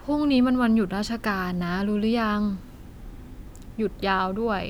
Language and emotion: Thai, neutral